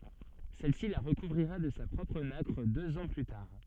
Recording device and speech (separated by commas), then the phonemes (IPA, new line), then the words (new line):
soft in-ear microphone, read sentence
sɛlsi la ʁəkuvʁiʁa də sa pʁɔpʁ nakʁ døz ɑ̃ ply taʁ
Celle-ci la recouvrira de sa propre nacre deux ans plus tard.